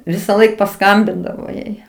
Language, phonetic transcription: Lithuanian, visaˈlaik paˈskambindavo ˈjai

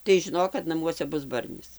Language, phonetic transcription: Lithuanian, tai žiˈnok kad naˈmuose ˈbus ˈbarnis

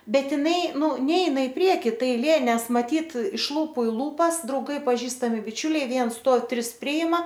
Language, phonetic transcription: Lithuanian, ˈbet iˈnai ˈnū ˈneina i ˈprieki ˈta aiˈlė ˈnes maˈtyt iš ˈlūpu i ˈlūpas drauˈgai paˈžįstami biˈčiuliai ˈviens ˈstuov ˈtris ˈpriima

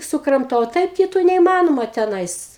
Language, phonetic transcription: Lithuanian, sukramˈtau o ˈtaip kiˈtų neįˈmanoma teˈnais

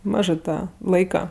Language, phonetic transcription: Lithuanian, ˈmažɜ ˈtą ˈlaika

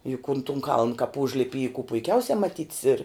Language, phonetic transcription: Lithuanian, juk un tun kaln kap ˈužlipi y ku puiˈkiausia maˈtyt's ir

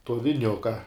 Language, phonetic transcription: Lithuanian, to viˈniuka

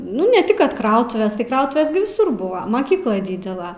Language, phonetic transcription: Lithuanian, ˈnu ne tik ˈkad ˈkrautuvės tai ˈkrautuvės gi viˈsur ˈbuva maˈkyklai ˈdydela

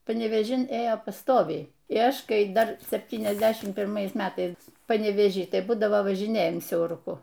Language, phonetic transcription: Lithuanian, panevėˈžin ˈėjo paˈstoviai y ˈaš ˈkai ˈdar sepˌtyniasˈdešimt pirˈmais ˈmetais panevėˈžy ˈtai ˈbūdavo važiˈnėjam siauruˈku

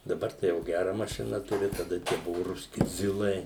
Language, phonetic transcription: Lithuanian, daˈbar tai jau ˈgæra maˈšina ˈturi taˈda tie ˈbuvu rusˈki ˈzilai

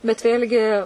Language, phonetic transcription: Lithuanian, bet ˈvėl'gi

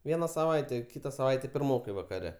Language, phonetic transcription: Lithuanian, ˈviena saˈvaite ˈkyta saˈvaite pirˈmokai vakaˈre

